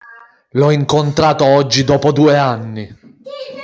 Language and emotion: Italian, angry